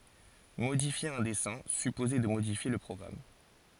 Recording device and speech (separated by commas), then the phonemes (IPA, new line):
forehead accelerometer, read sentence
modifje œ̃ dɛsɛ̃ sypozɛ də modifje lə pʁɔɡʁam